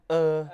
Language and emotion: Thai, neutral